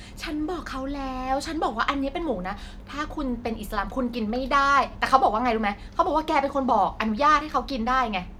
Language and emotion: Thai, frustrated